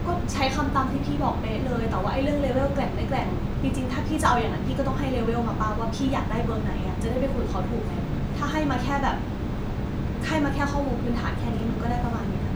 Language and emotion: Thai, frustrated